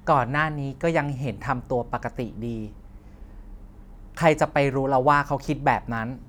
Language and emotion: Thai, frustrated